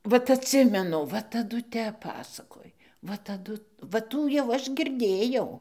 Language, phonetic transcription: Lithuanian, ˈvat atˈsimenu ˈva taˈdu ˈtep ˈpasakoj ˈva taˈdu va ˈtų jau ˈaš girˈdėjau

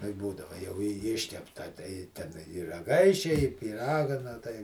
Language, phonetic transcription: Lithuanian, nu i ˈbūdava jau i ˈiškepta tai ˈten i raˈgaišia i pyˈraga na ˈtai

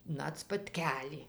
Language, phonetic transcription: Lithuanian, ˈnat spatˈkelį

